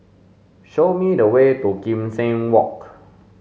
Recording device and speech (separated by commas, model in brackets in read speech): mobile phone (Samsung S8), read sentence